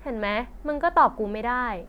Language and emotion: Thai, frustrated